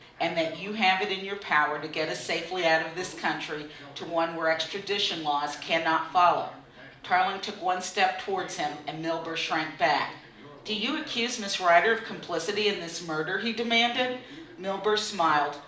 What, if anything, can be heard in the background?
A television.